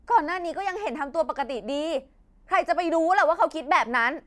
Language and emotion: Thai, angry